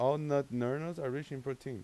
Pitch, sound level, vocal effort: 135 Hz, 90 dB SPL, normal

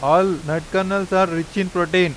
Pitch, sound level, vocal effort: 185 Hz, 93 dB SPL, loud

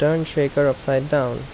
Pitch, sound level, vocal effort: 145 Hz, 81 dB SPL, normal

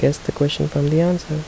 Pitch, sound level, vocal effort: 155 Hz, 74 dB SPL, soft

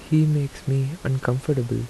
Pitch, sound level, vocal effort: 135 Hz, 78 dB SPL, soft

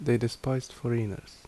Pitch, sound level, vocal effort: 120 Hz, 73 dB SPL, normal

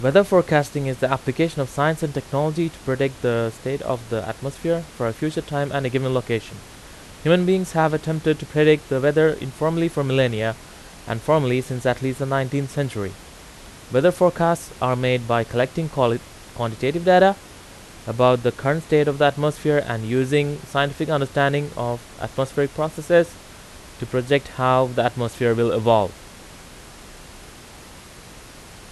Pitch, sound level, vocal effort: 135 Hz, 88 dB SPL, very loud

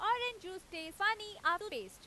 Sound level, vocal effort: 98 dB SPL, very loud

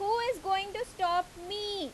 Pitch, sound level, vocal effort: 390 Hz, 92 dB SPL, very loud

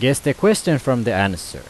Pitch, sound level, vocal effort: 130 Hz, 89 dB SPL, loud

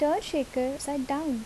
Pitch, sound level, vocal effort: 280 Hz, 77 dB SPL, soft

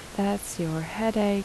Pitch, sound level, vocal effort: 200 Hz, 77 dB SPL, soft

